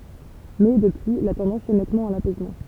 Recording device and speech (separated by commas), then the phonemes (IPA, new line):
temple vibration pickup, read sentence
mɛ dəpyi la tɑ̃dɑ̃s ɛ nɛtmɑ̃ a lapɛsmɑ̃